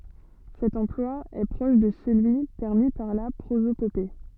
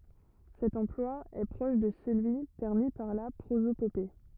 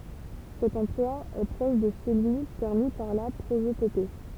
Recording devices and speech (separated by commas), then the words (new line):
soft in-ear microphone, rigid in-ear microphone, temple vibration pickup, read sentence
Cet emploi est proche de celui permis par la prosopopée.